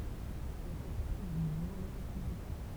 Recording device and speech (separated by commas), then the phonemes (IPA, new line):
temple vibration pickup, read sentence
ɛl fɛ paʁti dy muvmɑ̃ le ʁepyblikɛ̃